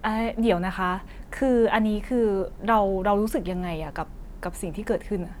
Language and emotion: Thai, frustrated